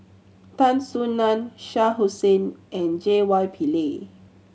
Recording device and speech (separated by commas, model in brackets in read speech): mobile phone (Samsung C7100), read sentence